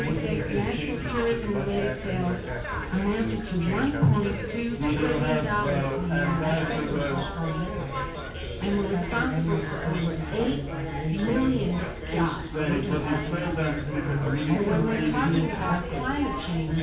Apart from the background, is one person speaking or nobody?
No one.